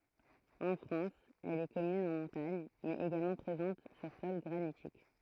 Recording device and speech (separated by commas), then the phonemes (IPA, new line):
throat microphone, read sentence
ɑ̃ fʁɑ̃s ɛl ɛ kɔmyn ɑ̃ mɔ̃taɲ mɛz eɡalmɑ̃ pʁezɑ̃t syʁ sɔl ɡʁanitik